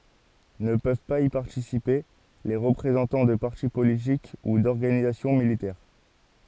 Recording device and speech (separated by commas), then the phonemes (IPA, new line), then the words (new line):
forehead accelerometer, read sentence
nə pøv paz i paʁtisipe le ʁəpʁezɑ̃tɑ̃ də paʁti politik u dɔʁɡanizasjɔ̃ militɛʁ
Ne peuvent pas y participer les représentant de parti politique ou d'organisation militaire.